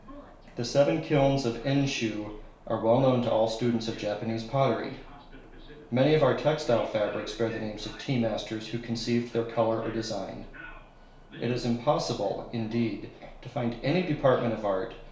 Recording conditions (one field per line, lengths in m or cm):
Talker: one person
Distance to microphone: 1.0 m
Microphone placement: close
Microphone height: 1.1 m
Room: small (3.7 m by 2.7 m)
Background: television